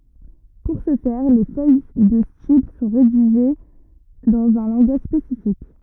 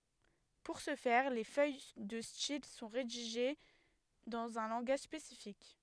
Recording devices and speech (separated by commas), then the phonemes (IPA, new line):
rigid in-ear microphone, headset microphone, read sentence
puʁ sə fɛʁ le fœj də stil sɔ̃ ʁediʒe dɑ̃z œ̃ lɑ̃ɡaʒ spesifik